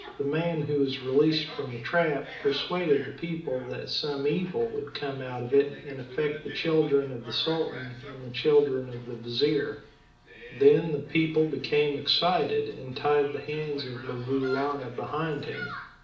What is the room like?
A medium-sized room (about 5.7 m by 4.0 m).